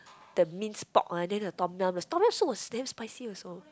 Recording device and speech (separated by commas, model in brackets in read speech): close-talking microphone, conversation in the same room